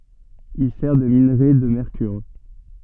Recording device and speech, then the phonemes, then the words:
soft in-ear microphone, read sentence
il sɛʁ də minʁe də mɛʁkyʁ
Il sert de minerai de mercure.

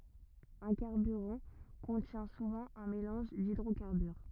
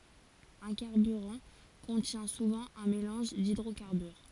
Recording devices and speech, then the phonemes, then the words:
rigid in-ear microphone, forehead accelerometer, read sentence
œ̃ kaʁbyʁɑ̃ kɔ̃tjɛ̃ suvɑ̃ œ̃ melɑ̃ʒ didʁokaʁbyʁ
Un carburant contient souvent un mélange d'hydrocarbures.

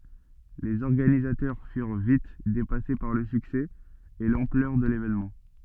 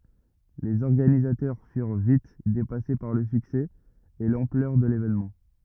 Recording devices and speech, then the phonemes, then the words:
soft in-ear microphone, rigid in-ear microphone, read sentence
lez ɔʁɡanizatœʁ fyʁ vit depase paʁ lə syksɛ e lɑ̃plœʁ də levenmɑ̃
Les organisateurs furent vite dépassés par le succès et l'ampleur de l'événement.

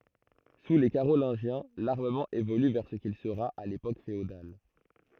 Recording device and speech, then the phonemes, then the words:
throat microphone, read sentence
su le kaʁolɛ̃ʒjɛ̃ laʁməmɑ̃ evoly vɛʁ sə kil səʁa a lepok feodal
Sous les Carolingiens, l'armement évolue vers ce qu'il sera à l'époque féodale.

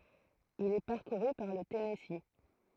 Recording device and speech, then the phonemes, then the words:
throat microphone, read sentence
il ɛ paʁkuʁy paʁ lə tɛnɛsi
Il est parcouru par le Tennessee.

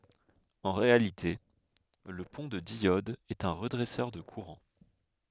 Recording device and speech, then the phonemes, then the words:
headset microphone, read sentence
ɑ̃ ʁealite lə pɔ̃ də djɔd ɛt œ̃ ʁədʁɛsœʁ də kuʁɑ̃
En réalité le pont de diode est un redresseur de courant.

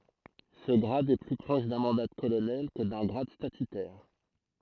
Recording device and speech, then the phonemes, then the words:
throat microphone, read sentence
sə ɡʁad ɛ ply pʁɔʃ dœ̃ mɑ̃da də kolonɛl kə dœ̃ ɡʁad statytɛʁ
Ce grade est plus proche d'un mandat de colonel que d'un grade statutaire.

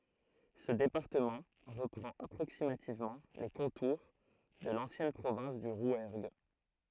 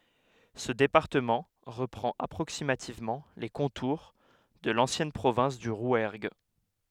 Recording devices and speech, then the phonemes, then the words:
throat microphone, headset microphone, read sentence
sə depaʁtəmɑ̃ ʁəpʁɑ̃t apʁoksimativmɑ̃ le kɔ̃tuʁ də lɑ̃sjɛn pʁovɛ̃s dy ʁwɛʁɡ
Ce département reprend approximativement les contours de l'ancienne province du Rouergue.

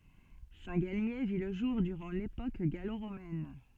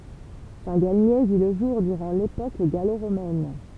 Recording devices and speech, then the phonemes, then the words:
soft in-ear microphone, temple vibration pickup, read sentence
sɛ̃tɡalmje vi lə ʒuʁ dyʁɑ̃ lepok ɡaloʁomɛn
Saint-Galmier vit le jour durant l'époque gallo-romaine.

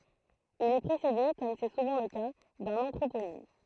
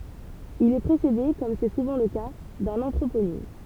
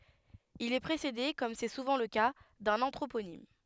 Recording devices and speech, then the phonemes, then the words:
throat microphone, temple vibration pickup, headset microphone, read sentence
il ɛ pʁesede kɔm sɛ suvɑ̃ lə ka dœ̃n ɑ̃tʁoponim
Il est précédé, comme c'est souvent le cas, d'un anthroponyme.

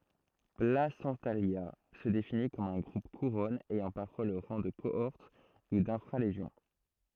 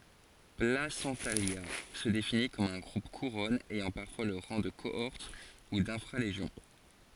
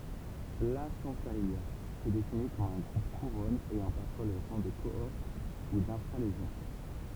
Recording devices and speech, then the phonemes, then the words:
throat microphone, forehead accelerometer, temple vibration pickup, read sentence
plasɑ̃talja sə defini kɔm œ̃ ɡʁup kuʁɔn ɛjɑ̃ paʁfwa lə ʁɑ̃ də koɔʁt u dɛ̃fʁa leʒjɔ̃
Placentalia se définit comme un groupe-couronne ayant parfois le rang de cohorte ou d'infra-légion.

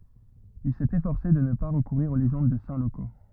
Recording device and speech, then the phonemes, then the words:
rigid in-ear microphone, read sentence
il sɛt efɔʁse də nə pa ʁəkuʁiʁ o leʒɑ̃d də sɛ̃ loko
Il s'est efforcé de ne pas recourir aux légendes de saints locaux.

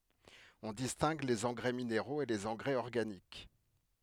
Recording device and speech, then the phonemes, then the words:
headset microphone, read sentence
ɔ̃ distɛ̃ɡ lez ɑ̃ɡʁɛ mineʁoz e lez ɑ̃ɡʁɛz ɔʁɡanik
On distingue les engrais minéraux et les engrais organiques.

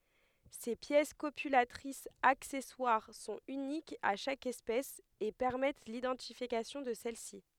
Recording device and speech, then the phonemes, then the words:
headset microphone, read sentence
se pjɛs kopylatʁisz aksɛswaʁ sɔ̃t ynikz a ʃak ɛspɛs e pɛʁmɛt lidɑ̃tifikasjɔ̃ də sɛlsi
Ces pièces copulatrices accessoires sont uniques à chaque espèce et permettent l'identification de celle-ci.

